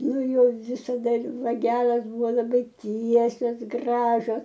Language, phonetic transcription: Lithuanian, ˈnu ˈjo visaˈda ir vaˈgelas ˈbuvo laˈbai ˈtiesios ˈgražios

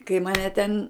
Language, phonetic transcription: Lithuanian, kai maˈne ten

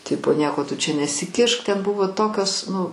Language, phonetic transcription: Lithuanian, ˈtipo ˈnieko tu čia nesiˈkišk ˈten ˈbuvo ˈtokios nu

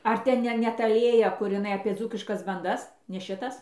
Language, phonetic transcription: Lithuanian, ˈar ten ˈne ne ˈta ˈlėja kur iˈnai apie ˈdzūkiškas banˈdas ne ˈšitas

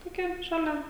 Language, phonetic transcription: Lithuanian, toˈkia šaˈlia

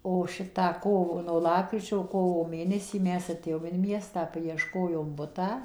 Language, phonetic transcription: Lithuanian, o ˈšitą ˈkovo no ˈlapkričio o ˈkovo ˈmėnesį ˈmes aˈtėjom in ˈmiestą paiešˈkojom ˈbutą

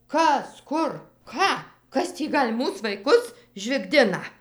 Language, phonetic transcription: Lithuanian, ˈkas ˈkur ˈką ˈkas tį ˈgal' ˈmūs vaiˈkus žvigˈdina

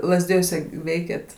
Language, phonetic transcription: Lithuanian, lazˈdijuose ˈveikėt

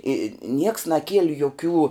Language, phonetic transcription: Lithuanian, i nieks naˈkieli joˈkių

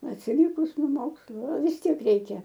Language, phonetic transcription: Lithuanian, atsiˈlikus no ˈmokslu a vis ˈtiek ˈreikia

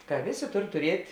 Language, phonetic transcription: Lithuanian, ka ˈvėˌsė ˈtor turiet'

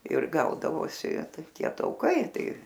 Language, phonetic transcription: Lithuanian, ir ˈgaudavosi ˈtai ˈtie ˈtaukai ˈtai

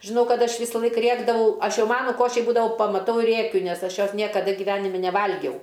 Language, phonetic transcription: Lithuanian, žiˈnau ˈkad ˈaš ˈvysalaik ˈrėkdavau ˈaš ˈjau ˈmanu ˈkošį ˈbūdavau pamaˈtau i ˈrėkiu nes ˈaš ˈjos ˈniekada giˈvenimi neˈvalgiau

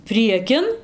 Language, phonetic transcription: Lithuanian, ˈpriekin

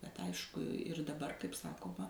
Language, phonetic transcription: Lithuanian, bet ˈaišku ir daˈbar kaip ˈsakoma

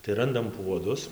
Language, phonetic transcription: Lithuanian, tai ˈrandam ˈpuodus

